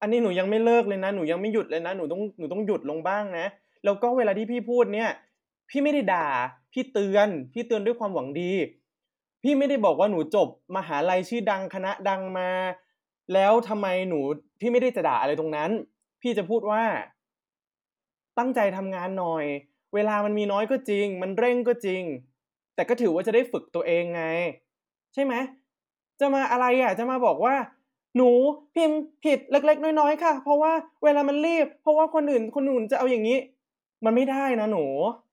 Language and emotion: Thai, frustrated